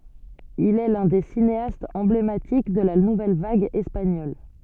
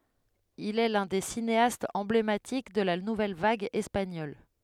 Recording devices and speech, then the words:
soft in-ear microphone, headset microphone, read sentence
Il est l'un des cinéastes emblématiques de la nouvelle vague espagnole.

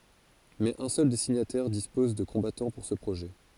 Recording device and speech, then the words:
forehead accelerometer, read sentence
Mais un seul des signataires dispose de combattants pour ce projet.

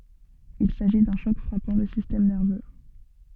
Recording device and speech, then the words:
soft in-ear microphone, read sentence
Il s'agit d'un choc frappant le système nerveux.

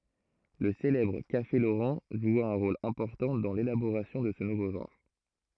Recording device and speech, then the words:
throat microphone, read sentence
Le célèbre Café Laurent joua un rôle important dans l'élaboration de ce nouveau genre.

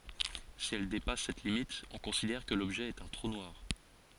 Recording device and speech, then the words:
forehead accelerometer, read sentence
Si elle dépasse cette limite, on considère que l’objet est un trou noir.

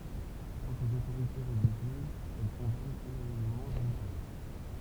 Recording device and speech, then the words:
temple vibration pickup, read sentence
Quant aux autorités religieuses, elles condamnent unanimement l'ouvrage.

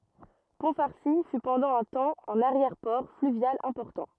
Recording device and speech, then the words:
rigid in-ear microphone, read sentence
Pont-Farcy fut pendant un temps un arrière-port fluvial important.

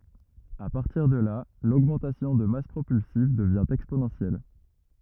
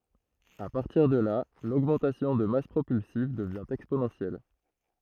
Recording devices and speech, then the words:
rigid in-ear microphone, throat microphone, read sentence
À partir de là, l'augmentation de masse propulsive devient exponentielle.

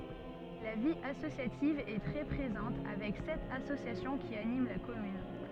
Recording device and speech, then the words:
soft in-ear microphone, read sentence
La vie associative est très présente avec sept associations qui animent la commune.

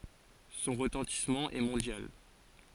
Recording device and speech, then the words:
forehead accelerometer, read sentence
Son retentissement est mondial.

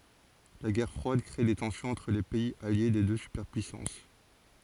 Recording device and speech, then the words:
forehead accelerometer, read sentence
La Guerre froide crée des tensions entre les pays alliés des deux superpuissances.

